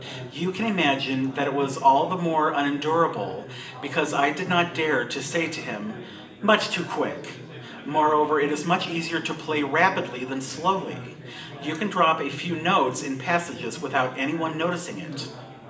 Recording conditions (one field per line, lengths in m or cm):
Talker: one person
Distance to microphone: 1.8 m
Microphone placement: close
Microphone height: 1.0 m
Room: large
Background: babble